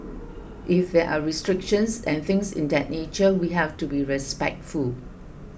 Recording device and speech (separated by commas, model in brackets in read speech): boundary microphone (BM630), read sentence